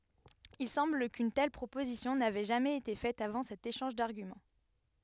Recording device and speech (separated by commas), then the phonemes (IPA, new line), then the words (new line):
headset microphone, read sentence
il sɑ̃bl kyn tɛl pʁopozisjɔ̃ navɛ ʒamɛz ete fɛt avɑ̃ sɛt eʃɑ̃ʒ daʁɡymɑ̃
Il semble qu'une telle proposition n'avait jamais été faite avant cet échange d'arguments.